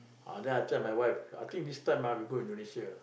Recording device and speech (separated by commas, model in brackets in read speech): boundary microphone, conversation in the same room